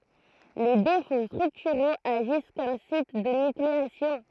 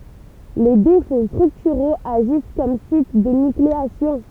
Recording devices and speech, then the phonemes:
throat microphone, temple vibration pickup, read sentence
le defo stʁyktyʁoz aʒis kɔm sit də nykleasjɔ̃

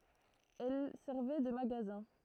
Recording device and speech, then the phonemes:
throat microphone, read sentence
ɛl sɛʁvɛ də maɡazɛ̃

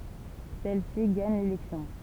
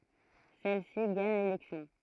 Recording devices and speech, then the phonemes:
temple vibration pickup, throat microphone, read sentence
sɛl si ɡaɲ lelɛksjɔ̃

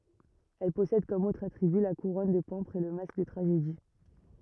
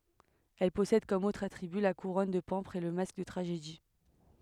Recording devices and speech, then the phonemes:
rigid in-ear microphone, headset microphone, read sentence
ɛl pɔsɛd kɔm otʁz atʁiby la kuʁɔn də pɑ̃pʁz e lə mask də tʁaʒedi

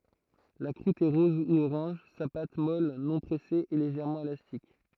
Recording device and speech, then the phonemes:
throat microphone, read sentence
la kʁut ɛ ʁɔz u oʁɑ̃ʒ sa pat mɔl nɔ̃ pʁɛse ɛ leʒɛʁmɑ̃ elastik

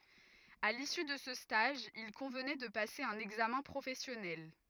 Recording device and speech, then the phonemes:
rigid in-ear microphone, read sentence
a lisy də sə staʒ il kɔ̃vnɛ də pase œ̃n ɛɡzamɛ̃ pʁofɛsjɔnɛl

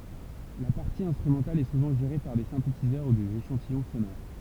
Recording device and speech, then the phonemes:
temple vibration pickup, read sentence
la paʁti ɛ̃stʁymɑ̃tal ɛ suvɑ̃ ʒeʁe paʁ de sɛ̃tetizœʁ u dez eʃɑ̃tijɔ̃ sonoʁ

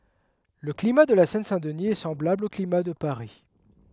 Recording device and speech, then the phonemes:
headset microphone, read sentence
lə klima də la sɛn sɛ̃ dəni ɛ sɑ̃blabl o klima də paʁi

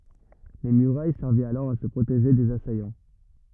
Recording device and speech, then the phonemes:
rigid in-ear microphone, read sentence
le myʁaj sɛʁvɛt alɔʁ a sə pʁoteʒe dez asajɑ̃

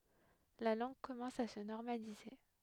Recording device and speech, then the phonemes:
headset microphone, read sentence
la lɑ̃ɡ kɔmɑ̃s a sə nɔʁmalize

